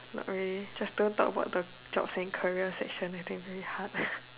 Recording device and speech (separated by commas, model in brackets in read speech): telephone, conversation in separate rooms